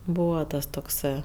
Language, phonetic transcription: Lithuanian, ˈbūva ˈtas tokˈsɜ

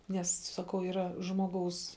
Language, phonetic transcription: Lithuanian, ˈnes saˈkau yˈra ˈžmoˌgaus

